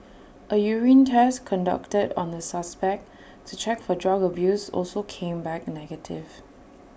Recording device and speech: boundary microphone (BM630), read sentence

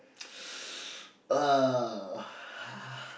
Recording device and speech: boundary microphone, conversation in the same room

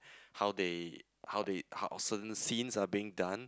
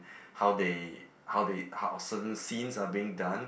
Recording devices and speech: close-talking microphone, boundary microphone, conversation in the same room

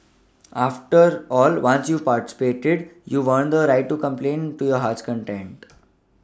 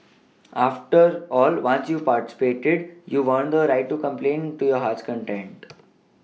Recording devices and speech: standing microphone (AKG C214), mobile phone (iPhone 6), read sentence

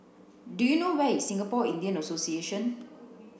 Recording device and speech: boundary microphone (BM630), read sentence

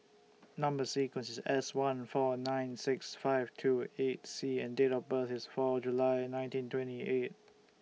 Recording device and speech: mobile phone (iPhone 6), read sentence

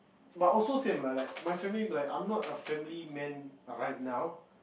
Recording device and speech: boundary microphone, conversation in the same room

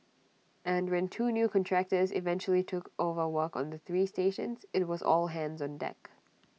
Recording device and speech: mobile phone (iPhone 6), read sentence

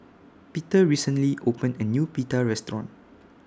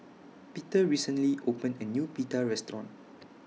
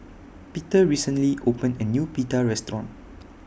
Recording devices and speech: standing microphone (AKG C214), mobile phone (iPhone 6), boundary microphone (BM630), read sentence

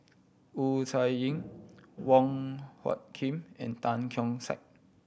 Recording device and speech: boundary microphone (BM630), read sentence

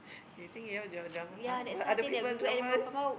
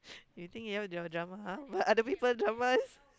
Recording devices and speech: boundary microphone, close-talking microphone, conversation in the same room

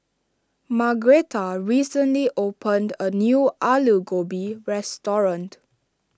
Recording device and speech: standing microphone (AKG C214), read sentence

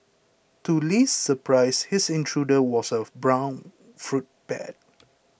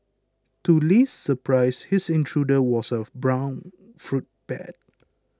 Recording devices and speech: boundary microphone (BM630), close-talking microphone (WH20), read sentence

